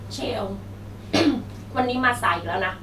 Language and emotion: Thai, frustrated